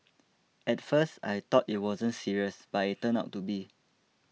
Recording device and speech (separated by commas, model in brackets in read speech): mobile phone (iPhone 6), read sentence